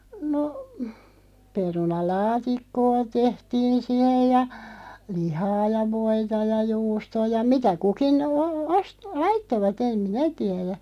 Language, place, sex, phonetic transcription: Finnish, Loppi, female, no , 'peruna"laatikkoo 'tehtiin̬ 'sihej ja , 'lihaa ja 'voita ja 'juustoo ja "mitä 'kukin , oo- os- , "laittova't ‿em "minä 'tiɛðä .
- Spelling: no perunalaatikkoa tehtiin siihen ja lihaa ja voita ja juustoa ja mitä kukin - - laittoivat en minä tiedä

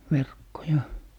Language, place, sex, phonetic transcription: Finnish, Lappee, male, 'verkkoja .
- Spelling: verkkoja

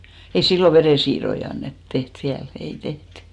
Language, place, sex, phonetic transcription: Finnish, Hinnerjoki, female, ei 'sillo "verèsiir̆roi annet , 'teht 'viäl , 'ei 'tehty .
- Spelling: ei silloin verensiirtoja annettu tehty vielä ei tehty

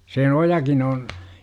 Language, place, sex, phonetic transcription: Finnish, Jurva, male, 'se "ojakin oon , .
- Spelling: se ojakin on

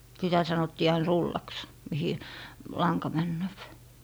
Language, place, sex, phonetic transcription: Finnish, Lappee, female, sitä 'sanottii ain "rullaks , mihi "laŋka 'männööp .
- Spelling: sitä sanottiin aina rullaksi mihin lanka menee

